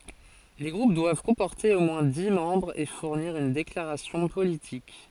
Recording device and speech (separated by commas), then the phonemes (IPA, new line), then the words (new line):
forehead accelerometer, read sentence
le ɡʁup dwav kɔ̃pɔʁte o mwɛ̃ di mɑ̃bʁz e fuʁniʁ yn deklaʁasjɔ̃ politik
Les groupes doivent comporter au moins dix membres et fournir une déclaration politique.